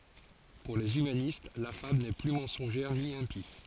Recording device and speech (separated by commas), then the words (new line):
forehead accelerometer, read sentence
Pour les humanistes la fable n'est plus mensongère ni impie.